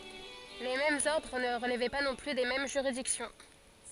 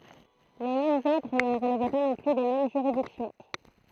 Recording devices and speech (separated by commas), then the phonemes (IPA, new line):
forehead accelerometer, throat microphone, read sentence
le difeʁɑ̃z ɔʁdʁ nə ʁəlvɛ pa nɔ̃ ply de mɛm ʒyʁidiksjɔ̃